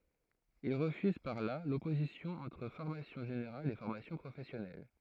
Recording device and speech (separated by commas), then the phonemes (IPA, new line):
throat microphone, read sentence
il ʁəfyz paʁ la lɔpozisjɔ̃ ɑ̃tʁ fɔʁmasjɔ̃ ʒeneʁal e fɔʁmasjɔ̃ pʁofɛsjɔnɛl